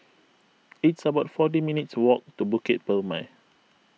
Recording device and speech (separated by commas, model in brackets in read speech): mobile phone (iPhone 6), read sentence